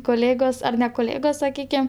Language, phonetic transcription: Lithuanian, koˈlėgos ˈar ne koˈlėgos saˈkykem

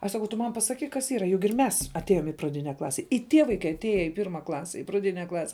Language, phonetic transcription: Lithuanian, aš saˈkau tu ˈman pasaˈkyk kas ˈyra jug ir ˈmes atˈėjom i praˈdine ˈklase i ˈtie vaiˈkai atˈėje i ˈpirma ˈklase i praˈdine ˈklase

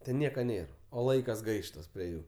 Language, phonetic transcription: Lithuanian, ten ˈniekaˈ nėr o ˈlaikas ˈgaištas prie ˈjų

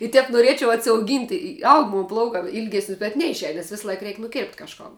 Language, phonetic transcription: Lithuanian, i ˈtep nuˈriečiau atsiauˈgynt' i i ˈaug ˈmon ˈplaukā ˈylgesnis bet ˈneišˌein nes ˈvisˌlaik ˈreik' nuˈkėrpt' kažˈkon

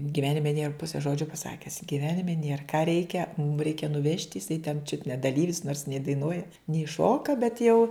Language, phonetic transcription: Lithuanian, giˈvenime nėr ˈpuse ˈžodžio paˈsakes giˈvenime nėr ką ˈreikia mum ˈreikia nuˈvežt' jiˈsai ten čiut ne daˈlyvis nors nei daiˈnuoja nei ˈšoka bet jau

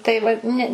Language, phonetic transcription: Lithuanian, tai ˈva ˈne

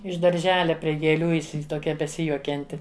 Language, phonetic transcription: Lithuanian, iš darˈželia prie gėˈlių isi toˈkia beˈsijuokianti

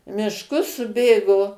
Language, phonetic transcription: Lithuanian, mišˈkus suˈbėgo

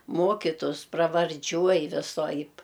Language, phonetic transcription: Lithuanian, ˈmokitus pravarˈdžiuoj viˈsoaip

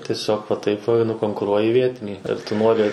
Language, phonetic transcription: Lithuanian, tieˈsiog va ˈtaip va nukonkuˈruoji ˈvietinį ar tu ˈnori

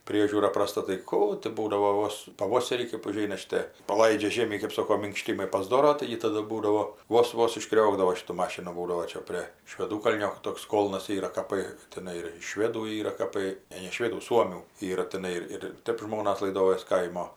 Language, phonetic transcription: Lithuanian, ˈpriežiūra praˈsta tai ˈkų tai ˈbūdavo ˈvos paˈvoserį kɜp uˈžeina šiˈtė paˈlaidžia ˈžėmį kɜp ˈsoko minkˈštymai pasˈdoro ˈtaigi ˈtadu ˈbūdavo ˈvos ˈvos išˈkriokdavo ˈšitu ˈmašinu ˈbūdavo ˈčia prė šveˈdūkalnio ˈtoks ˈkolnas ˈyra kaˈpɜ teˈnai ir švėdų ˈyra kaˈpai ˈne ne ˈšvėdų ˈsuomių ˈyra teˈnai ir ir ˈtep ˈžmonas laiˈdojos ˈkaimo

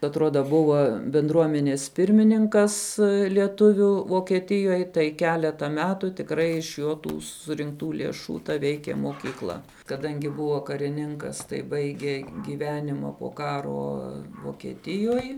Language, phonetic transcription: Lithuanian, atˈruoda ˈbuva binˈdruomenės ˈpirmininkas lieˈtuvių vokieˈtijoj tai ˈkeleta ˈmetų tikˈrai iš ˈjo ˈtų surinkˈtų lėˈšų ta ˈveikė mokyˈkla kaˈdangi ˈbuvo kariˈninkas tai ˈbaigė ˈgyvenima po ˈkaro vokieˈtijoj

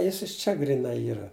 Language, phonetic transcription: Lithuanian, ˈjis ˈiš ˌčia gryˈnai ˈyra

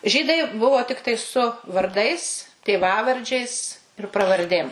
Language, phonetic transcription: Lithuanian, ˈžydai ˈbuvo ˈtiktai su varˈdais tėˈvavardžiais ir pravarˈdėm

